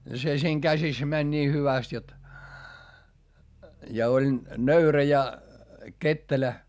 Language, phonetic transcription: Finnish, se siiŋ käsis mäń nii hyväst jot , ja oĺ , nöyrä ja , kettelä .
- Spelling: se siinä käsissä meni niin hyvästi jotta ja oli nöyrä ja ketterä

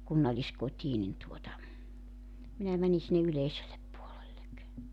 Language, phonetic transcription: Finnish, 'kunnalliskot́ii nin tuota , 'minä 'mäni sinne 'yleisellep 'puolellek .
- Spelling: kunnalliskotiin niin tuota minä menin sinne yleiselle puolelle

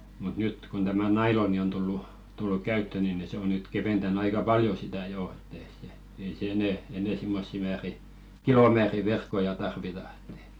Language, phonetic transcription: Finnish, mut 'nyt , kon tämä "nailoni on tullu , 'tulluk "käyttö ni ni se ‿o nyt 'keventän'n ‿aika "paljo sitä̀ 'jò , et̆t ‿ei se , ei 'se "enɛ̀ , 'enè 'simmossi määri , "kilomääri verkkoja tarvita ᴇt ‿ᴇᴵ .
- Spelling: mutta nyt kun tämä nailon on tullut tullut käyttöön niin niin se on nyt keventänyt aika paljon sitä jo että ei se ei se enää enää semmoisia määriä kilomääriä verkkoja tarvita että ei

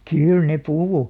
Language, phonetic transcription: Finnish, kỳl ne "puhu .
- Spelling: kyllä ne puhui

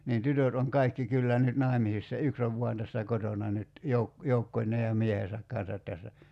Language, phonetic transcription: Finnish, niin 'tytöt oŋ "kaikki 'kyllä nyt 'nài̬misissa "yks ov 'vuan tässä 'kotona nyt , 'jouk- , 'joukkoń̀ee ja 'miehesäk kan̬sat tässä .
- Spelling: niin tytöt on kaikki kyllä nyt naimisissa yksi on vain tässä kotona nyt - joukkoineen ja miehensä kanssa tässä

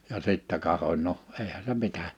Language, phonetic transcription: Finnish, ja 'sittɛ 'kahoń no , 'eihä se 'mitä .
- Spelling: ja sitten katsoin no eihän se mitä

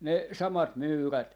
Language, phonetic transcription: Finnish, 'ne 'samat "myyrät .
- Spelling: ne samat myyrät

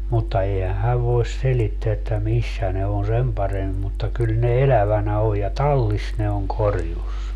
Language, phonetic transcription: Finnish, 'mutta 'eihä 'häv voes 'selitteä että 'missä ne on 'sem paremmi mutta 'kyl ne "elävänä oj ja "tallis ne oŋ 'korjus .
- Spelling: mutta eihän hän voi selittää että missä ne on sen paremmin mutta kyllä ne elävänä on ja tallissa ne on korjussa

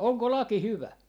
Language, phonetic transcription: Finnish, 'oŋko "laki 'hyvä ?
- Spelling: onko laki hyvä

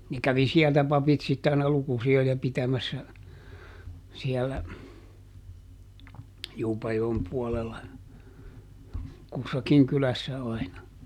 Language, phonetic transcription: Finnish, ne kävi "siɛltä ˈpapit sitte aina ˈlukusi₍oja ˈpitämässä , siɛllä , ˈJuupajoem puolella , ˈkussakiŋ ˈkylässä aina .
- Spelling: ne kävi sieltä papit sitten aina lukusijoja pitämässä siellä Juupajoen puolella kussakin kylässä aina

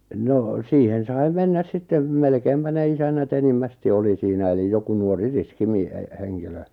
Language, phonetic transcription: Finnish, nò , siihen 'sai 'mennäs 'sittem , 'melkeimpä ne 'isännä't ‿enimmästi 'oli siinä elij joku 'nuori 'riski 'mi- e- e- 'heŋkilö .
- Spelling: no siihen sai mennä sitten melkeinpä ne isännät enimmäkseen oli siinä eli joku nuori riski - - - henkilö

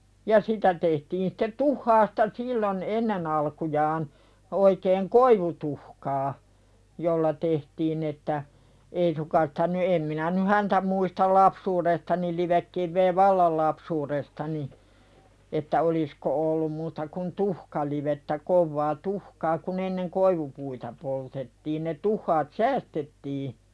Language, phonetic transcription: Finnish, ja 'sitä tehtiin sᴵttet "tuhhaasta sillon , "ennen ‿alkujaan , 'oikeeŋ "koivutuhkaa , 'jolla tehtiin ‿että , 'ei suŋkan sᴵtä ny 'em minä ny "häntä muistal 'lapsuud̳estani livekkivvee "vallal lapsuuðestani , että 'olisko ollum muuta kun "tuhkalivettä kovvaa "tuhkaa kun ‿enneŋ "koivupuita poltettiin ne 'tuhhaat "säästettii .
- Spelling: ja sitä tehtiin sitten tuhkasta silloin ennen alkujaan oikein koivutuhkaa jolla tehtiin että ei suinkaan sitä nyt en minä nyt häntä muista lapsuudestani livekiveä vallan lapsuudestani että olisiko ollut muuta kuin tuhkalivettä kovaa tuhkaa kun ennen koivupuita poltettiin ne tuhkat säästettiin

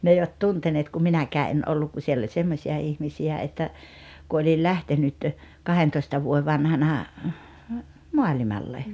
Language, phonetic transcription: Finnish, 'n ‿eivät "tunteneet kum 'minäkää 'en 'olluk ku 'siell ‿oĺ 'semmośia 'ihmisi₍ä että , ku oĺil 'ĺähtenyt , 'kahentoista vuoe 'vanhana , 'moaĺimalle .
- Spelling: ne eivät tunteneet kun minäkään en ollut kun siellä oli semmoisia ihmisiä että kun olin lähtenyt kahdentoista vuoden vanhana maailmalle

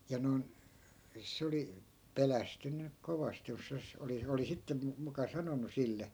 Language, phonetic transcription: Finnish, ja non , 'se oli , "pelästynny 'kovast jos(sas) oli , oli 'sittem mu- , muka 'sanonu "sille .
- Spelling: ja noin se oli pelästynyt kovasti - oli oli sitten - muka sanonut sille

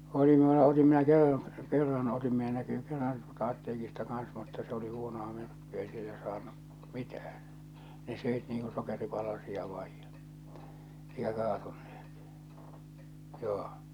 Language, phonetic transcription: Finnish, oli mⁱⁿulla , otim minä 'kerran , 'kerran otim minä näkyy 'kerran tuolta 'atteekista kan̬s mutta s ‿oli 'huono₍a 'myrkky₍ä , ei sillä saannu , "mitäh̬än , ne sö̀it niiŋ ku 'sokeripalasia vaij ᴊᴀ , 'eikä 'kaatuɴɴᴇh̬ᴇt , 'joo .
- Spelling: oli minulla otin minä kerran kerran otin minä näkyy kerran tuolta apteekista kanssa mutta se oli huonoa myrkkyä ei sillä saanut mitään ne söi niin kuin sokeripalasia vain ja eikä kaatuneet joo

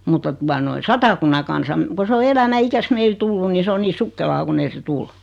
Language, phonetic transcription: Finnish, mutta 'tua noi "Satakunna Kansam , ko se o "elämä 'ikäs meil 'tulluⁿ ni 'se o nii "sukkelaa ku'n ‿ei se "tul .
- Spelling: mutta tuota noin Satakunnan Kansan kun se on elämän ikänsä meille tullut niin se on niin sukkelaa kun ei se tule

